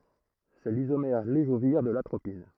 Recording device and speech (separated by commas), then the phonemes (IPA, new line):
throat microphone, read sentence
sɛ lizomɛʁ levoʒiʁ də latʁopin